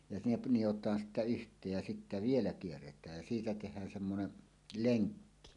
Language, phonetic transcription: Finnish, ja nep̳ 'nijot̀aan sittä "yht̀eej jä 'sittä "vielä 'kierret̀ääj jä siitä teh̀ään semmonen , "leŋkki .
- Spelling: ja ne nidotaan sitten yhteen ja sitten vielä kierretään ja siitä tehdään semmoinen lenkki

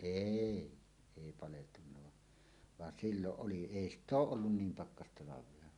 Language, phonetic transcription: Finnish, êi , 'èi 'paleltunna va , van 'silloˀ 'ˀoli "èi ‿st "ᵗ ‿ooˀ ˀollun "niim 'pakkastalav̀ea .
- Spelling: ei ei paleltunut vaan vaan silloin oli ei sitä - ole ollut niin pakkastalvea

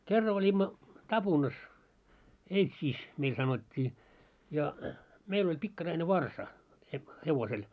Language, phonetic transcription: Finnish, 'kerra oĺimma , "taʙunas , "eitsiis , meil 'sanot́t́ii , ja , meil oĺ 'pikkaraine "varsa , he- 'hevosel .
- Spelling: kerran olimme tapunassa eitsissä meillä sanottiin ja meillä oli pikkarainen varsa - hevosella

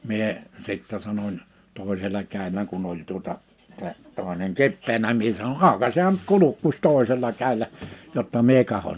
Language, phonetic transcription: Finnish, 'mie , 'sittɛ sanoń , 'toi̬sela 'kä̀i̬lläŋ kun ‿oĺ tuota , tä̀ , tòi̬neŋ "kippeenä mie sano » 'àokasehan nʸt 'kulukkuś 'tòisel̆la 'kä̀illä , jotta 'mie kahon « .
- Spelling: minä sitten sanon toisella kädelläni kun oli tuota tämä toinen kipeänä minä sanoin aukaisehan nyt kurkkusi toisella kädellä jotta minä katson

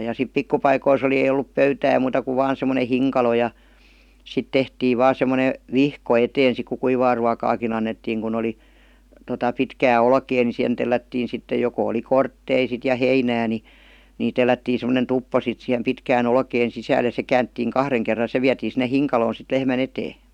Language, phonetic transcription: Finnish, ja sip 'pikku paikois ‿oli ei ol̆lup "pöytää muuta kuv 'vaan sem̀one "hiŋkalo ja , 'sit tehtiiv "vaa sem̆mone , "vihko eteen̬ sik ku 'kuivaa ruakaakin ‿annettiiŋ kun ‿oli , 'tota pitkää 'olkee ni 'sihen tellättiin̬ sitte joko oli "korttei sit ja 'heinää ni , ní 'tellättii sem̀onen 'tuppo sit sihem "pitkää"n ‿olkeen 'sisääl ja se 'käänttiiŋ "kahreŋ kerra 'se viätii sinne "hiŋkaloon̬ sit 'lehmä"n ‿etee .
- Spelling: ja sitten pikku paikoissa oli ei ollut pöytää muuta kuin vain semmoinen hinkalo ja sitten tehtiin vain semmoinen vihko eteen sitten kun kuivaa ruokaakin annettiin kun oli tuota pitkää olkea niin siihen tellättiin sitten joko oli kortteita sitten ja heinää niin niin tellättiin semmoinen tuppo sitten siihen pitkään olkeen sisälle ja se käännettiin kahden kerran se vietiin sinne hinkaloon sitten lehmän eteen

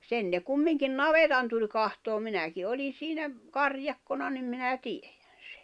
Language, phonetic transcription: Finnish, 'sen ne 'kummiŋkin "navetan tuĺ kahtoom 'minäki 'oli siinä , "karjakkona nim minä 'tieᴊᴀ̈ɴ̬ sᴇ .
- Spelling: sen ne kumminkin navetan tuli katsomaan minäkin olin siinä karjakkona niin minä tiedän sen

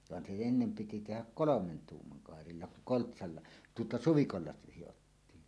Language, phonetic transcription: Finnish, van se ennem piti tehäk "kolomen "tuummaŋ 'kàerilla kuŋ 'koltsalla , tuota "suvikolla siʲottiin .
- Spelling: vaan se ennen piti tehdä kolmen tuuman kairalla kun koltsalla tuota suvikolla sidottiin

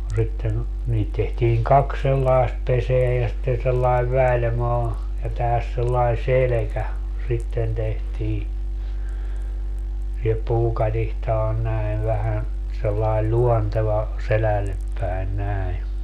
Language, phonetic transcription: Finnish, no 'sitten , 'niit tehtiiŋ "kaks 'sellaest 'peseä ja sitten sellaev 'väĺmaa , ja 'tähäs sellai "selekä , 'sitten tehtii , ja 'puukatihta on 'näi̮v vähän , sellail "ĺuonteva , 'selällep päin 'näi .
- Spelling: no sitten niitä tehtiin kaksi sellaista pesää ja sitten sellainen välimaa ja tähän sellainen selkä sitten tehtiin ja puukatiska on näin vähän sellainen luonteva selälle päin näin

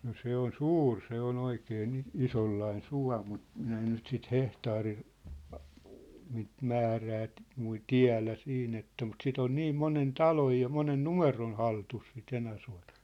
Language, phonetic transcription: Finnish, no 'se ‿on "suur 'se ‿o'n ‿oikee ni , "isollain "sua̭ mut , 'minä en nyt sit "hehtaari- , niit " -määrää ‿t̆- , mui- "tiä̭lä 'siin ‿että mut 'sit ‿on "niim "monen "taloj ja 'monen "numeron̬ 'haltus si't ‿Enäsua̭tᴀ .
- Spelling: no se on suuri se on oikein niin isonlainen suo mutta minä en nyt sitten - niitä - määrää - - tiedä siinä että mutta sitä on niin monen talon ja monen numeron hallussa sitä Enäsuota

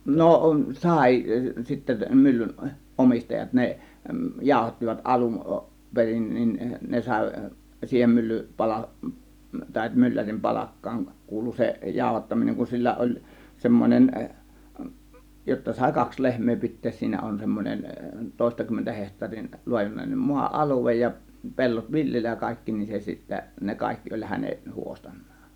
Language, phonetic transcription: Finnish, no , 'sài sitte 'myllyn , "ˀomistajat 'ne , "jáȯhattivat 'ˀalun , 'perin , nin "ne 'sàė , 'siihen mylly 'pala- , tàė 'myllärim "palak̀kaaŋ 'kuulu 'se , 'jàȯhattaminen , kun 'sillä oĺ 'semmonen , jotta 'sàė "kaks "lehm̀ee 'pit̆tees 'siinä on 'semmonen , 'tòėstakymmentä heht̀aarin , 'luajunen , 'mua "ˀaluvej ja , 'pe̬llot "viljelläj ja 'kàėkki nin 'se sittä , ne 'kàėkki oĺ "häne , 'huostAN̆NAAN .
- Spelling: no sai sitten myllyn omistajat ne jauhattivat alun perin niin ne sai siihen mylly - tai myllärin palkkaan kuului se jauhattaminen kun sillä oli semmoinen jotta sai kaksi lehmää pitää siinä on semmoinen toistakymmentä hehtaarin laajuinen maa alue ja pellot viljellä ja kaikki niin se sitten ne kaikki oli hänen huostanaan

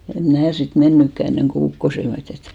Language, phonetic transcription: Finnish, em 'mnä̀ sit "mennykkä enneŋko 'ukkose (ilm ohitte men et) .
- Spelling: en minä sitten mennytkään ennen kuin ukkosen ilma ohitse meni että

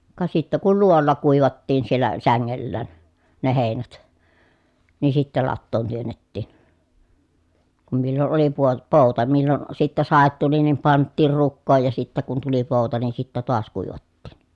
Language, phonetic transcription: Finnish, ka sittä kul luo₍olla kùivattiin siellä säŋŋellään , ne hèinät , ni sittä lattoon työnnettiin , kum millon oli puo- , pòu̬ta millon , sittä sàet tuli nim panttiir rukkooj ja sittä kun tuli pòu̬ta nin̬ sittä toas kuivattiin .
- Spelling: ka sitten kun luo'olla kuivattiin siellä sängellään ne heinät niin sitten latoon työnnettiin kun milloin oli - pouta milloin sitten sade tuli niin pantiin rukoon ja sitten kun tuli pouta niin sitten taas kuivattiin

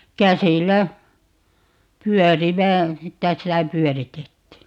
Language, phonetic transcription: Finnish, 'käsil̆lä , "pyɔ̈̀rivä , 'käsillä "pyɔ̈̀ritettii .
- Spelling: käsillä pyörivä käsillä pyöritettiin

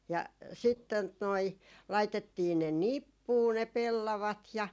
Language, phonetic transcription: Finnish, ja , 'sit tot noi , laitettii ne "nippuu ne 'pellavat ja ,.
- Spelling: ja sitten tuota noin laitettiin ne nippuun ne pellavat ja

